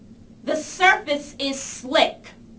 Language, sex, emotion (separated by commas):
English, female, angry